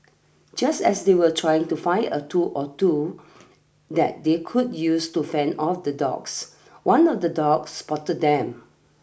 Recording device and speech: boundary microphone (BM630), read sentence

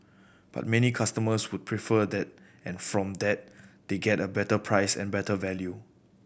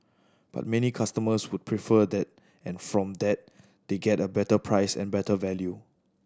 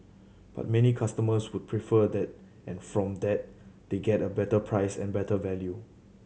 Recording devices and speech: boundary microphone (BM630), standing microphone (AKG C214), mobile phone (Samsung C7100), read sentence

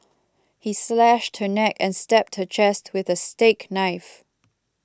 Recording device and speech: close-talking microphone (WH20), read sentence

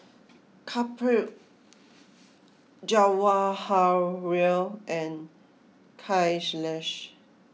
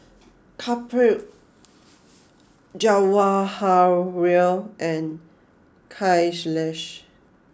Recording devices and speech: mobile phone (iPhone 6), close-talking microphone (WH20), read sentence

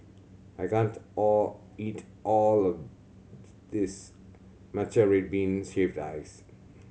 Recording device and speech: mobile phone (Samsung C7100), read sentence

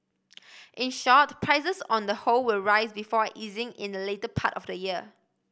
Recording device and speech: boundary microphone (BM630), read sentence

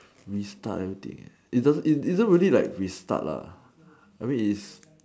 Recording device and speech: standing microphone, conversation in separate rooms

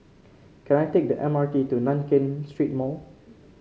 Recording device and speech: mobile phone (Samsung C5), read sentence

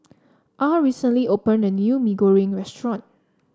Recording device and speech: standing microphone (AKG C214), read sentence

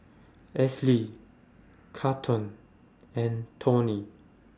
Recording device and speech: standing microphone (AKG C214), read sentence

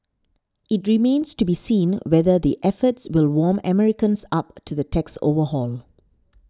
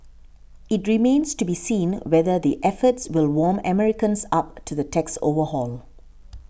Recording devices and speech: standing microphone (AKG C214), boundary microphone (BM630), read sentence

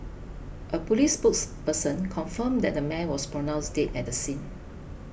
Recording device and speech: boundary microphone (BM630), read sentence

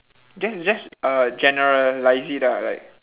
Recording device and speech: telephone, conversation in separate rooms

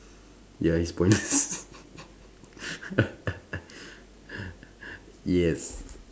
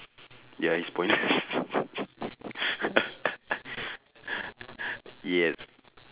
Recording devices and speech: standing microphone, telephone, conversation in separate rooms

